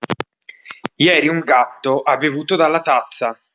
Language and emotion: Italian, neutral